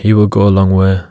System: none